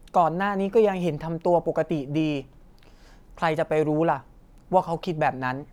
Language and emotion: Thai, neutral